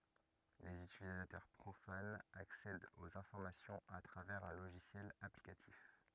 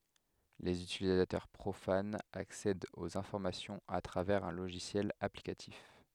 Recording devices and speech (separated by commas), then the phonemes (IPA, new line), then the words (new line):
rigid in-ear microphone, headset microphone, read sentence
lez ytilizatœʁ pʁofanz aksɛdt oz ɛ̃fɔʁmasjɔ̃z a tʁavɛʁz œ̃ loʒisjɛl aplikatif
Les utilisateurs profanes accèdent aux informations à travers un logiciel applicatif.